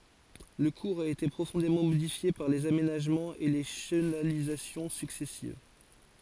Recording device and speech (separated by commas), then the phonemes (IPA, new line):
forehead accelerometer, read sentence
lə kuʁz a ete pʁofɔ̃demɑ̃ modifje paʁ lez amenaʒmɑ̃z e le ʃənalizasjɔ̃ syksɛsiv